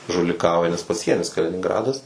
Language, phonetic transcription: Lithuanian, žuliˈkauja nes paˈsienis kalininˈgradas

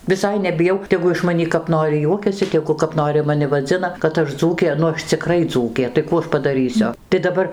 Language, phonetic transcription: Lithuanian, viˈsai nebiˈjau teˈgu iš maˈnį kap ˈnori ˈjuokiasi teˈgu kap ˈnori maˈni vaˈdzina kad ˈaš ˈdzūkė nu ˈaš ciˈkrai ˈdzūkė tai ˈkų aš padaˈrysiu tai daˈbar

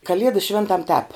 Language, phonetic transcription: Lithuanian, kaˈliedas ˈšvėntam tēp

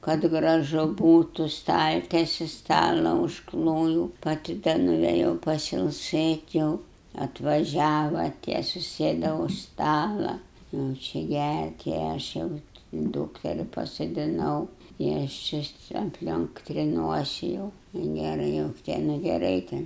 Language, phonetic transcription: Lithuanian, kad graˈžu ˈbūtu ˈstaltesi ˈstala užˈklojūu paˈti da nuvėˈjau pasilˈsɘt' jau atvaˈžiava tie suˈsėda už ˈstala jau ˈčia ˈgært i ˈaš jau ˈdūkteri pasodiˈnau i ˈaš či apˈlionk triˈnuosi jau i ˈnėra jau te nu geˈrai ten

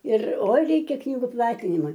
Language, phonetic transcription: Lithuanian, ir ˈoi ˈreikia ˈknygu ˈplatinima

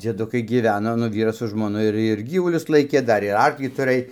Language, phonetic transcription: Lithuanian, dzieˈdukai gyˈveno nu ˈvyras su žmoˈnu ir ir ˈgyvulius ˈlaikė ˈdar ir ˈarklį tuˈrɘj

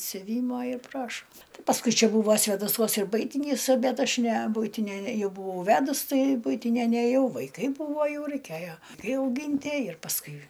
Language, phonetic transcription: Lithuanian, siuˈvymo ir ˈprašo ˈtai pasˈkui ˈčia ˈbūvo svėdaˈsuos ir ˈbuitinys ˈbet ˈaš ne ˈbuitinia ˈjau buˈvau ˈvedus ˈtai ˈbuitinia neˈjau vaiˈkai ˈbūvo ˈjau raiˈkėjo aiˈkai auˈgintie ir pasˈkui

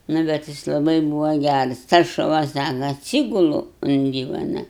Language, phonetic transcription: Lithuanian, ˈnu bet ˈjis laˈbai ˈbūva ˈgæras tas šuˈva ˈsaka atˈsygulu un ˈdyvana

